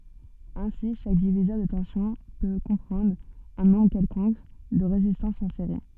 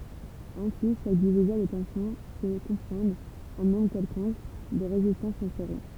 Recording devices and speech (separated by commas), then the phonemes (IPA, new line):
soft in-ear microphone, temple vibration pickup, read sentence
osi ʃak divizœʁ də tɑ̃sjɔ̃ pø kɔ̃pʁɑ̃dʁ œ̃ nɔ̃bʁ kɛlkɔ̃k də ʁezistɑ̃sz ɑ̃ seʁi